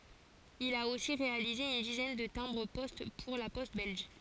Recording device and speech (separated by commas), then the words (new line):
forehead accelerometer, read sentence
Il a aussi réalisé une dizaine de timbres-poste pour La Poste belge.